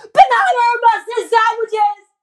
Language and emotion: English, disgusted